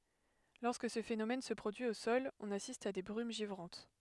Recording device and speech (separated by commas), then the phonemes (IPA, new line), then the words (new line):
headset microphone, read sentence
lɔʁskə sə fenomɛn sə pʁodyi o sɔl ɔ̃n asist a de bʁym ʒivʁɑ̃t
Lorsque ce phénomène se produit au sol, on assiste à des brumes givrantes.